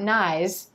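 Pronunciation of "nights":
'nights' is pronounced incorrectly here: the t is dropped.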